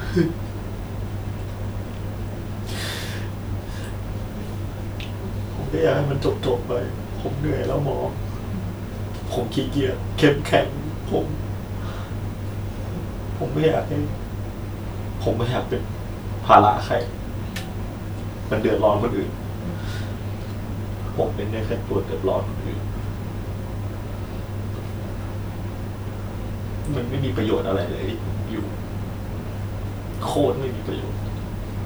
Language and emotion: Thai, sad